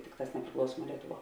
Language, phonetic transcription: Lithuanian, ˈtikˌtās nepriˈklausuomuo ˈlietuˌvuo

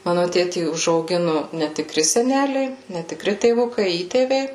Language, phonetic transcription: Lithuanian, ˈmanu ˈtėtį užauˈginu netiˈkri seˈneliai netiˈkri tėˈvukai ˈįtėviai

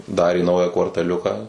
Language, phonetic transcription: Lithuanian, ˈdarė ˈnaują kvartaˈliuka

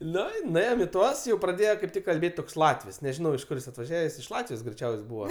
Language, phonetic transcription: Lithuanian, ˈnu i nuˈėjom i ˈtuos jau praˈdėjo kaip ˈtik kalˈbėt' toks ˈlatvis neˈžinau iš ˈkur jis atvaˈžiaves iš ˈlatvijos greiˈčiaus' ˈbūva

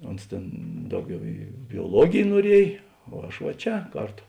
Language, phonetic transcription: Lithuanian, ˈons tėn ˈdauˌgiau į bioˈluogėj nuoˈriej o ˈaš va ˈčia ˈkarˌto

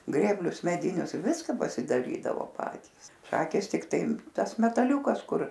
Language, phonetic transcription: Lithuanian, ˈgrėblius meˈdinius ˈviska pasidaˈrydavo ˈpatys ˈšakės tikˈtai ˈtas metaˈliūkas ˈkur

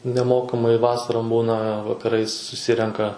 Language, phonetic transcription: Lithuanian, neˈmokamai ˈvasarom ˈbūna vakaˈrais suˈsirenka

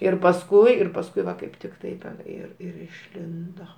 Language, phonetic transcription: Lithuanian, ir pasˈkui ir pasˈkui ˈva kaip ˈtik ˈtaip ten ˈir ir išˈlindo

